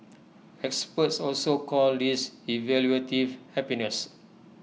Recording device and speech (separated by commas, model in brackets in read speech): mobile phone (iPhone 6), read sentence